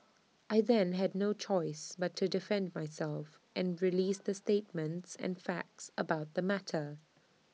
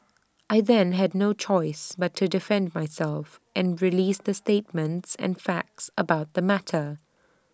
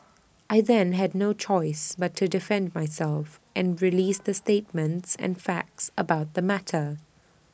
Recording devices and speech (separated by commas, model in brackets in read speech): mobile phone (iPhone 6), standing microphone (AKG C214), boundary microphone (BM630), read sentence